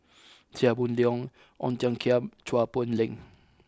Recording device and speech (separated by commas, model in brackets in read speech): close-talking microphone (WH20), read sentence